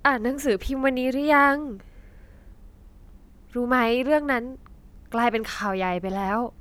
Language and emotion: Thai, sad